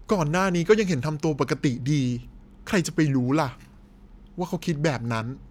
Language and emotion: Thai, frustrated